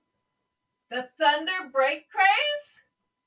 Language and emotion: English, surprised